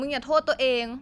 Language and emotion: Thai, frustrated